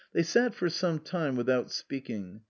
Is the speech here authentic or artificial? authentic